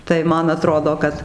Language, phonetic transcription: Lithuanian, tai ˈman aˈtrodo ˈkad

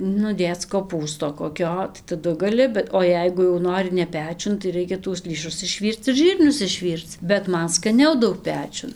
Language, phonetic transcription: Lithuanian, nu ˈdėc koˈpūsto koˈkio tai taˈdu gaˈli bet o ˈjeigu jau ˈnori ne ˈpečiun tai ˈraikia tuos ˈlįšus išˈvyrc ir ˈžyrnius išˈvyrc bet ˈman skaˈniau ˈdaug ˈpečiun

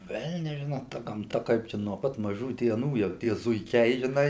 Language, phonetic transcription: Lithuanian, ˈvelnias ˈžino ta gamˈta ˈkaip čia nuo ˈpat maˈžų dieˈnų jau ˈtie zuiˈkiai žiˈnai

